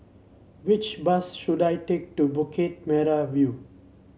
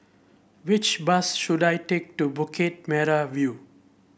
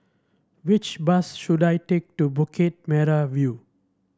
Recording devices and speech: mobile phone (Samsung C7), boundary microphone (BM630), standing microphone (AKG C214), read sentence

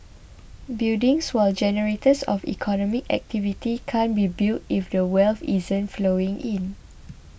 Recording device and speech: boundary microphone (BM630), read sentence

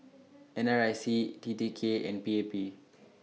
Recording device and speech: mobile phone (iPhone 6), read sentence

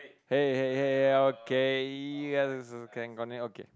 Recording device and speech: close-talking microphone, conversation in the same room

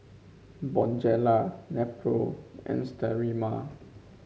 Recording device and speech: mobile phone (Samsung C5), read sentence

